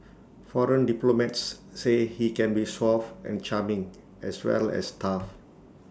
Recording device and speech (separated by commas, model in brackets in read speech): standing microphone (AKG C214), read sentence